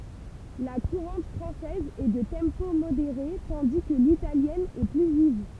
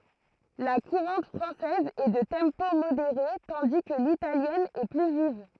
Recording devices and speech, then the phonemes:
temple vibration pickup, throat microphone, read sentence
la kuʁɑ̃t fʁɑ̃sɛz ɛ də tɑ̃po modeʁe tɑ̃di kə litaljɛn ɛ ply viv

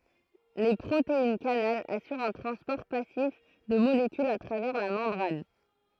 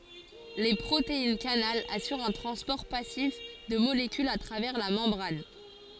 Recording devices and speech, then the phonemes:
throat microphone, forehead accelerometer, read sentence
le pʁoteinɛskanal asyʁt œ̃ tʁɑ̃spɔʁ pasif də molekylz a tʁavɛʁ la mɑ̃bʁan

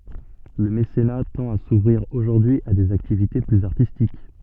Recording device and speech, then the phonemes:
soft in-ear microphone, read sentence
lə mesena tɑ̃t a suvʁiʁ oʒuʁdyi a dez aktivite plyz aʁtistik

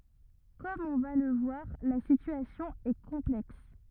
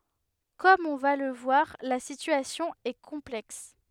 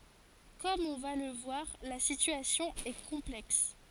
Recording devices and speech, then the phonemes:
rigid in-ear microphone, headset microphone, forehead accelerometer, read sentence
kɔm ɔ̃ va lə vwaʁ la sityasjɔ̃ ɛ kɔ̃plɛks

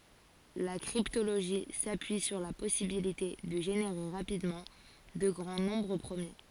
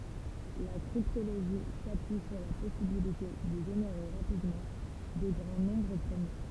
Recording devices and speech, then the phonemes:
forehead accelerometer, temple vibration pickup, read sentence
la kʁiptoloʒi sapyi syʁ la pɔsibilite də ʒeneʁe ʁapidmɑ̃ də ɡʁɑ̃ nɔ̃bʁ pʁəmje

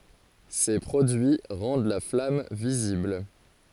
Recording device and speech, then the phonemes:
forehead accelerometer, read sentence
se pʁodyi ʁɑ̃d la flam vizibl

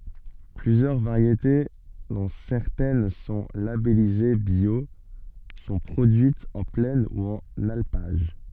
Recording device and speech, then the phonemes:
soft in-ear microphone, read sentence
plyzjœʁ vaʁjete dɔ̃ sɛʁtɛn sɔ̃ labɛlize bjo sɔ̃ pʁodyitz ɑ̃ plɛn u ɑ̃n alpaʒ

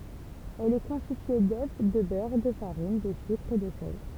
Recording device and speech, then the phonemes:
temple vibration pickup, read sentence
ɛl ɛ kɔ̃stitye dø də bœʁ də faʁin də sykʁ e də sɛl

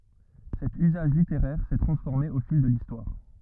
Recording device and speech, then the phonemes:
rigid in-ear microphone, read sentence
sɛt yzaʒ liteʁɛʁ sɛ tʁɑ̃sfɔʁme o fil də listwaʁ

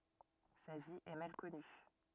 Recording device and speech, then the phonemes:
rigid in-ear microphone, read sentence
sa vi ɛ mal kɔny

